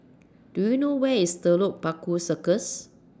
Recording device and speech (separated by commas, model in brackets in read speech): standing microphone (AKG C214), read sentence